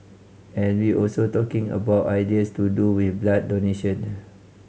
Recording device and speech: mobile phone (Samsung C5010), read sentence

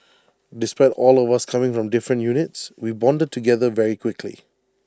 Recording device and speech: standing microphone (AKG C214), read sentence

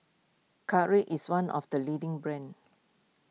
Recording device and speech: mobile phone (iPhone 6), read sentence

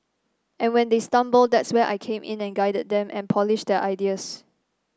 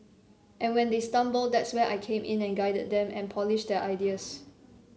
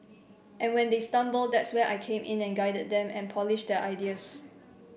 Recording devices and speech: standing microphone (AKG C214), mobile phone (Samsung C7), boundary microphone (BM630), read sentence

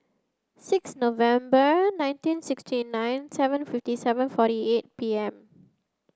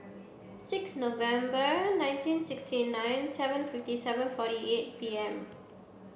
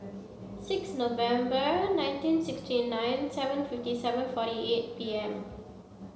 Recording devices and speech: close-talking microphone (WH30), boundary microphone (BM630), mobile phone (Samsung C7), read sentence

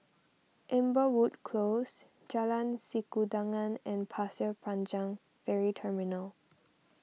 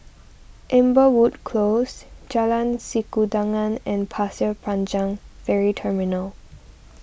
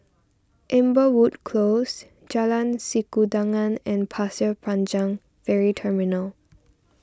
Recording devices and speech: mobile phone (iPhone 6), boundary microphone (BM630), standing microphone (AKG C214), read sentence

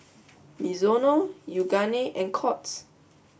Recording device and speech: boundary microphone (BM630), read sentence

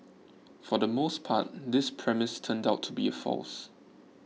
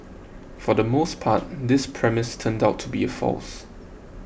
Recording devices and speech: mobile phone (iPhone 6), boundary microphone (BM630), read sentence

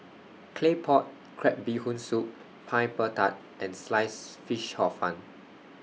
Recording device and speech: mobile phone (iPhone 6), read sentence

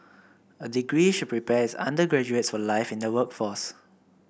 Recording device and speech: boundary microphone (BM630), read sentence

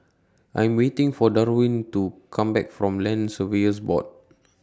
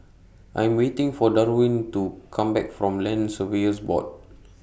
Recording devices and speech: standing microphone (AKG C214), boundary microphone (BM630), read sentence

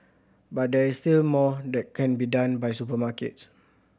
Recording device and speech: boundary microphone (BM630), read sentence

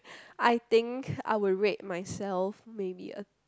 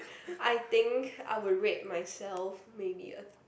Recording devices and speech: close-talking microphone, boundary microphone, conversation in the same room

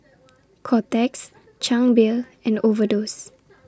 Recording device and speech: standing microphone (AKG C214), read sentence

